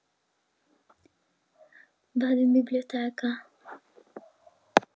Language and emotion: Italian, fearful